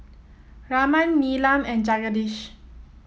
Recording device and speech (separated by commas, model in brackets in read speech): mobile phone (iPhone 7), read sentence